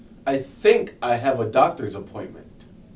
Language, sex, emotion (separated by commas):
English, male, neutral